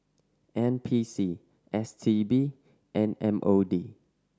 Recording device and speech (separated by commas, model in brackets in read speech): standing microphone (AKG C214), read sentence